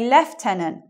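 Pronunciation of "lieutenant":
'Lieutenant' is said with the British English pronunciation, which sounds very different from the American one.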